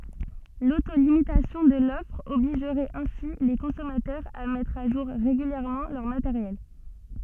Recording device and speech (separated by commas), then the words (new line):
soft in-ear microphone, read sentence
L’auto-limitation de l'offre obligerait ainsi les consommateurs à mettre à jour régulièrement leur matériel.